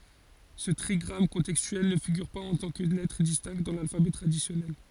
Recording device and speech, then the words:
forehead accelerometer, read sentence
Ce trigramme contextuel ne figure pas en tant que lettre distincte dans l’alphabet traditionnel.

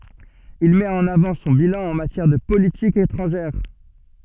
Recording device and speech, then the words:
soft in-ear microphone, read sentence
Il met en avant son bilan en matière de politique étrangère.

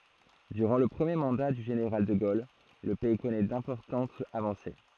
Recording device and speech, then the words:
throat microphone, read sentence
Durant le premier mandat du général de Gaulle, le pays connaît d'importantes avancées.

